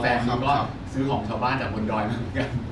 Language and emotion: Thai, happy